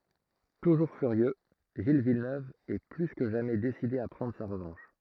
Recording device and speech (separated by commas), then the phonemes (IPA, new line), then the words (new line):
throat microphone, read sentence
tuʒuʁ fyʁjø ʒil vilnøv ɛ ply kə ʒamɛ deside a pʁɑ̃dʁ sa ʁəvɑ̃ʃ
Toujours furieux, Gilles Villeneuve est plus que jamais décidé à prendre sa revanche.